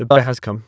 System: TTS, waveform concatenation